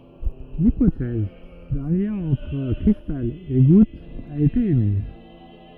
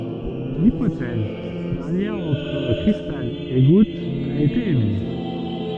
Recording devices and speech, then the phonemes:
rigid in-ear microphone, soft in-ear microphone, read sentence
lipotɛz dœ̃ ljɛ̃ ɑ̃tʁ kʁistal e ɡut a ete emiz

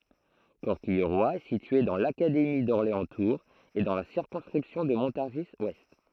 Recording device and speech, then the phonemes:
throat microphone, read sentence
kɔʁkijʁwa ɛ sitye dɑ̃ lakademi dɔʁleɑ̃stuʁz e dɑ̃ la siʁkɔ̃skʁipsjɔ̃ də mɔ̃taʁʒizwɛst

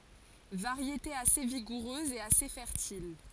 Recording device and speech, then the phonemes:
forehead accelerometer, read sentence
vaʁjete ase viɡuʁøz e ase fɛʁtil

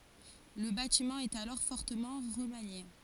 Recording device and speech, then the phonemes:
forehead accelerometer, read sentence
lə batimɑ̃ ɛt alɔʁ fɔʁtəmɑ̃ ʁəmanje

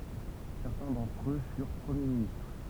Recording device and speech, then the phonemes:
temple vibration pickup, read sentence
sɛʁtɛ̃ dɑ̃tʁ ø fyʁ pʁəmje ministʁ

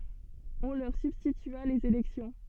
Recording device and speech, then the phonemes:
soft in-ear microphone, read sentence
ɔ̃ lœʁ sybstitya lez elɛksjɔ̃

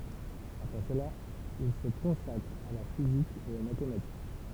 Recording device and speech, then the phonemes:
temple vibration pickup, read sentence
apʁɛ səla il sə kɔ̃sakʁ a la fizik e o matematik

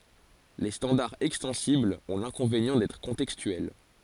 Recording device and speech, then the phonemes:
forehead accelerometer, read sentence
le stɑ̃daʁz ɛkstɑ̃siblz ɔ̃ lɛ̃kɔ̃venjɑ̃ dɛtʁ kɔ̃tɛkstyɛl

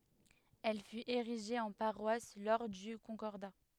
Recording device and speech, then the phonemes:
headset microphone, read sentence
ɛl fyt eʁiʒe ɑ̃ paʁwas lɔʁ dy kɔ̃kɔʁda

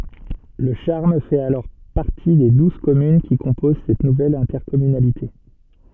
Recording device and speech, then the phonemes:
soft in-ear microphone, read sentence
lə ʃaʁm fɛt alɔʁ paʁti de duz kɔmyn ki kɔ̃poz sɛt nuvɛl ɛ̃tɛʁkɔmynalite

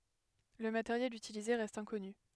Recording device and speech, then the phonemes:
headset microphone, read sentence
lə mateʁjɛl ytilize ʁɛst ɛ̃kɔny

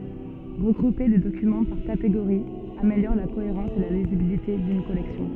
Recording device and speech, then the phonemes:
soft in-ear microphone, read sentence
ʁəɡʁupe de dokymɑ̃ paʁ kateɡoʁiz ameljɔʁ la koeʁɑ̃s e la lizibilite dyn kɔlɛksjɔ̃

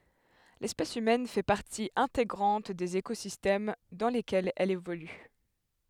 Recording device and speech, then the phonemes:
headset microphone, read sentence
lɛspɛs ymɛn fɛ paʁti ɛ̃teɡʁɑ̃t dez ekozistɛm dɑ̃ lekɛlz ɛl evoly

